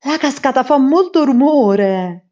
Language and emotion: Italian, surprised